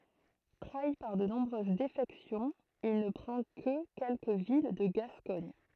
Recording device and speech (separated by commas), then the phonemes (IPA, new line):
throat microphone, read sentence
tʁai paʁ də nɔ̃bʁøz defɛksjɔ̃z il nə pʁɑ̃ kə kɛlkə vil də ɡaskɔɲ